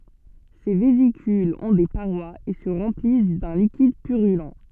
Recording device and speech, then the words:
soft in-ear microphone, read sentence
Ces vésicules ont des parois et se remplissent d'un liquide purulent.

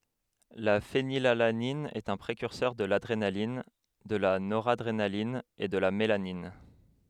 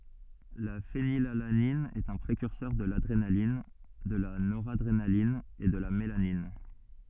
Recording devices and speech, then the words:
headset microphone, soft in-ear microphone, read sentence
La phénylalanine est un précurseur de l'adrénaline, de la noradrénaline et de la mélanine.

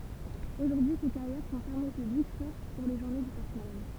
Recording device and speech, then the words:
temple vibration pickup, read sentence
Aujourd'hui, ces carrières sont fermées au public sauf pour les journées du patrimoine.

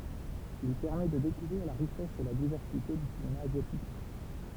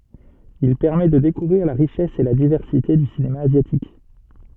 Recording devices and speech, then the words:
temple vibration pickup, soft in-ear microphone, read sentence
Il permet de découvrir la richesse et la diversité du cinéma asiatique.

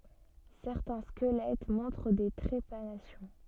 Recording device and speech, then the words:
soft in-ear microphone, read sentence
Certains squelettes montrent des trépanations.

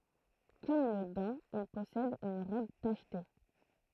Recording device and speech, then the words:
throat microphone, read sentence
Comme le daim, il possède une robe tachetée.

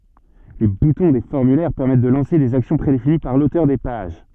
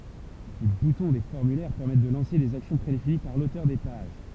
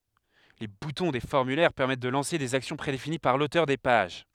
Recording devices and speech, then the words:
soft in-ear microphone, temple vibration pickup, headset microphone, read sentence
Les boutons des formulaires permettent de lancer des actions prédéfinies par l'auteur des pages.

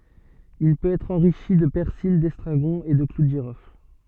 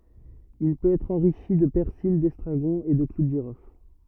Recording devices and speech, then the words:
soft in-ear microphone, rigid in-ear microphone, read sentence
Il peut être enrichi de persil, d'estragon et de clous de girofle.

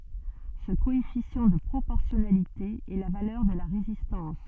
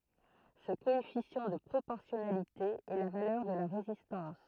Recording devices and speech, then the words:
soft in-ear microphone, throat microphone, read sentence
Ce coefficient de proportionnalité est la valeur de la résistance.

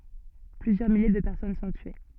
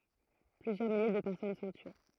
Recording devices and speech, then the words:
soft in-ear microphone, throat microphone, read sentence
Plusieurs milliers de personnes sont tuées..

